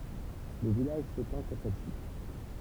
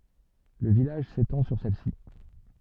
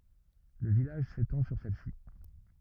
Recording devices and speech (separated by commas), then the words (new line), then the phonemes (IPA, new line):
temple vibration pickup, soft in-ear microphone, rigid in-ear microphone, read sentence
Le village s'étend sur celle-ci.
lə vilaʒ setɑ̃ syʁ sɛlsi